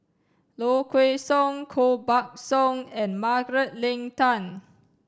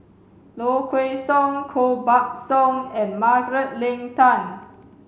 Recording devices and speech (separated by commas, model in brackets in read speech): standing microphone (AKG C214), mobile phone (Samsung C7), read sentence